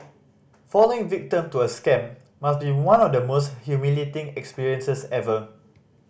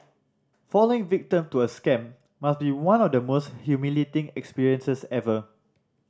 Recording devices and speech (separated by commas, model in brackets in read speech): boundary microphone (BM630), standing microphone (AKG C214), read sentence